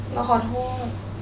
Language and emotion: Thai, sad